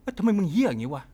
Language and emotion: Thai, frustrated